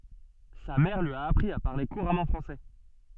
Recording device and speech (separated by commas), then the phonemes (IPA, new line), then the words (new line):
soft in-ear microphone, read sentence
sa mɛʁ lyi a apʁi a paʁle kuʁamɑ̃ fʁɑ̃sɛ
Sa mère lui a appris à parler couramment français.